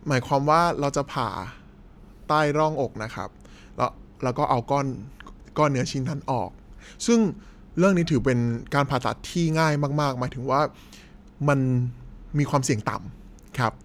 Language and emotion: Thai, neutral